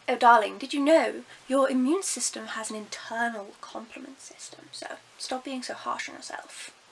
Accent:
posh English accent